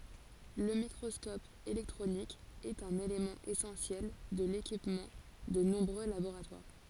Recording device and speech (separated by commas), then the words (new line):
forehead accelerometer, read sentence
Le microscope électronique est un élément essentiel de l'équipement de nombreux laboratoires.